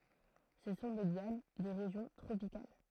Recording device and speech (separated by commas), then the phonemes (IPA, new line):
throat microphone, read sentence
sə sɔ̃ de ljan de ʁeʒjɔ̃ tʁopikal